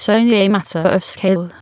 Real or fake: fake